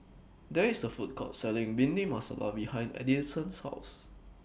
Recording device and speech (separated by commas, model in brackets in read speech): boundary microphone (BM630), read sentence